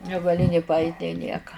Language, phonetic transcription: Lithuanian, negaˈli nė paˈait' nė ˈnieka

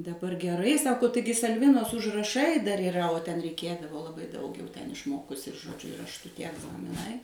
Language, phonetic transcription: Lithuanian, daˈbar geˈrai ˈsako ˈtaigi salˈvinos užraˈšai dar yˈra o ten reiˈkėdavo laˈbai daug jau ten išˈmokusi ir žoˈdžiu rašˈtu tie egzamiˈnai

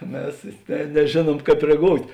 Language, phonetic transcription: Lithuanian, ˈmes ˈne neˈžėˌnuom ˈkāp reˈgout'

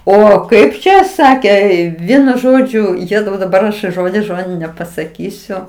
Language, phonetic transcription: Lithuanian, ˈo ˈkaip čia ˈsakė ˈvienu ˈžodžiu ˈjėzau daˈbar aš ˈžodis ˈžodin nepasaˈkysiu

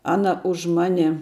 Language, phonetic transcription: Lithuanian, ˈana už ˈmane

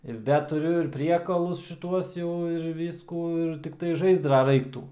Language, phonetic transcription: Lithuanian, ir ˈda tuˈriu ir ˈpriekalus šiˈtuos jau ir ˈvyskų ir tikˈtai ˈžaizdra ˈraiktų

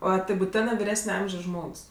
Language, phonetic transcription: Lithuanian, ˈo ˈtai buˈtenɜ viˈresne ˈamžios ˈžmogs

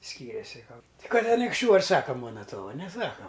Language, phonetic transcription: Lithuanian, ˈskyrėsi ˈkalba ti ˈkad anikšˈčių ar ˈsaka ˈmuona ˈtuova neˈsaka

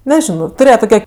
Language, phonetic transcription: Lithuanian, neˈžino tuˈrėje tuˈke

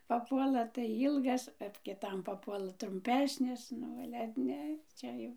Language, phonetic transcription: Lithuanian, paˈpuola tai ˈylgas ot kiˈtam papuoˈla trumˈpesnis ˈnu ˈale ˈne ˈčia jau

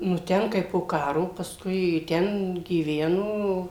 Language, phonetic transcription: Lithuanian, nu ˈten ˈkai po ˈkaro pasˈkui ˈten gyˈveno

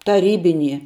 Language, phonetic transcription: Lithuanian, taˈrybinie

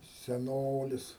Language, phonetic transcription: Lithuanian, seˈnolis

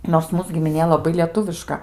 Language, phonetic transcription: Lithuanian, nors ˈmūs gimiˈnė laˈbai lieˈtuviška

